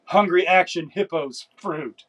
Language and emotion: English, disgusted